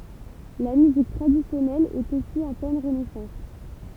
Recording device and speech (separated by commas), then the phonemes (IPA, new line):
temple vibration pickup, read sentence
la myzik tʁadisjɔnɛl ɛt osi ɑ̃ plɛn ʁənɛsɑ̃s